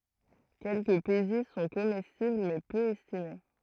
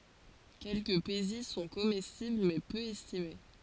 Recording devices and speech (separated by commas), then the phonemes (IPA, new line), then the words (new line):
throat microphone, forehead accelerometer, read sentence
kɛlkəə peziz sɔ̃ komɛstibl mɛ pø ɛstime
Quelques pézizes sont comestibles mais peu estimées.